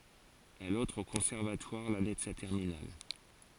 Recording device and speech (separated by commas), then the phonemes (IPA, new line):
forehead accelerometer, read sentence
ɛl ɑ̃tʁ o kɔ̃sɛʁvatwaʁ lane də sa tɛʁminal